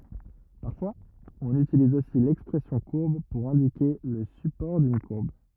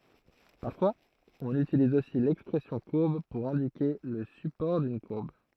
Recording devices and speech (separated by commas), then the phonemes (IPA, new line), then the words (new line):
rigid in-ear microphone, throat microphone, read sentence
paʁfwaz ɔ̃n ytiliz osi lɛkspʁɛsjɔ̃ kuʁb puʁ ɛ̃dike lə sypɔʁ dyn kuʁb
Parfois, on utilise aussi l'expression courbe pour indiquer le support d'une courbe.